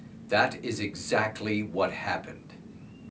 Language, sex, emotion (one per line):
English
male
angry